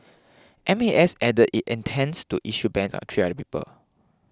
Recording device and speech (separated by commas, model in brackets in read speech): close-talking microphone (WH20), read sentence